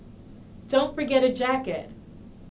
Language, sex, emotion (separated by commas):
English, female, neutral